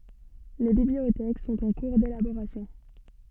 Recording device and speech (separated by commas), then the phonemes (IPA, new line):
soft in-ear microphone, read sentence
le bibliotɛk sɔ̃t ɑ̃ kuʁ delaboʁasjɔ̃